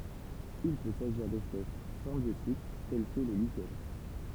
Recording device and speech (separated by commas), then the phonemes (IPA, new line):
temple vibration pickup, read sentence
il pø saʒiʁ dɛspɛs sɛ̃bjotik tɛl kə le liʃɛn